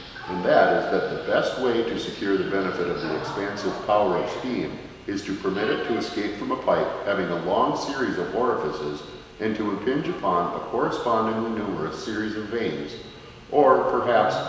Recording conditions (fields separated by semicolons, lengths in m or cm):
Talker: one person; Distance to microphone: 1.7 m; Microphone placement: close; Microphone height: 1.0 m; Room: very reverberant, large; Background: television